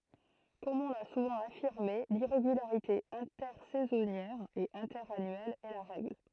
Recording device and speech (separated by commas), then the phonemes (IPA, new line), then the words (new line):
throat microphone, read sentence
kɔm ɔ̃ la suvɑ̃ afiʁme liʁeɡylaʁite ɛ̃tɛʁsɛzɔnjɛʁ e ɛ̃tɛʁanyɛl ɛ la ʁɛɡl
Comme on l'a souvent affirmé, l'irrégularité intersaisonnière et interannuelle est la règle.